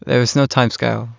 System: none